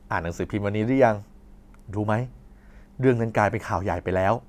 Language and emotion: Thai, neutral